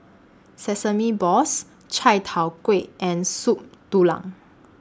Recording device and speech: standing microphone (AKG C214), read sentence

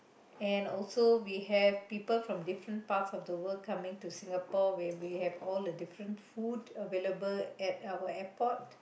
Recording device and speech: boundary microphone, conversation in the same room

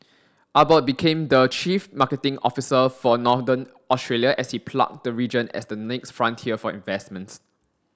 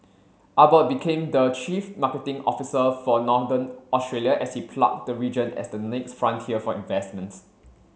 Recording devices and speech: standing microphone (AKG C214), mobile phone (Samsung C7), read sentence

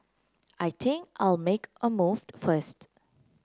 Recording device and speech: close-talking microphone (WH30), read sentence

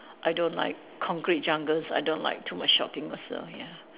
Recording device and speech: telephone, conversation in separate rooms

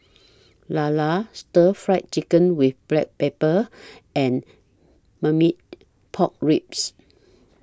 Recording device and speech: standing microphone (AKG C214), read sentence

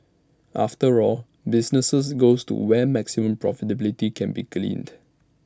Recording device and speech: standing microphone (AKG C214), read sentence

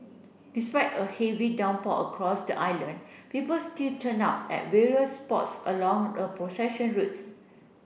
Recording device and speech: boundary microphone (BM630), read sentence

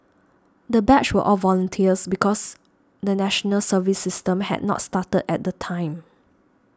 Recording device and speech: standing microphone (AKG C214), read sentence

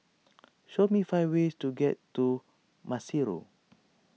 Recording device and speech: mobile phone (iPhone 6), read sentence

